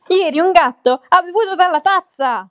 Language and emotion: Italian, surprised